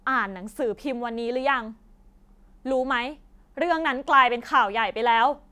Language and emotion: Thai, frustrated